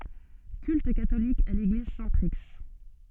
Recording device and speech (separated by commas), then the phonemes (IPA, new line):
soft in-ear microphone, read sentence
kylt katolik a leɡliz sɛ̃tpʁi